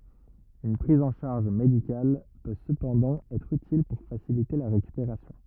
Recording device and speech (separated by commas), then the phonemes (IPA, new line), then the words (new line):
rigid in-ear microphone, read sentence
yn pʁiz ɑ̃ ʃaʁʒ medikal pø səpɑ̃dɑ̃ ɛtʁ ytil puʁ fasilite la ʁekypeʁasjɔ̃
Une prise en charge médicale peut cependant être utile pour faciliter la récupération.